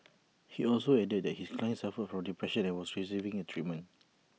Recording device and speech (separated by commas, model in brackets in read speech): mobile phone (iPhone 6), read sentence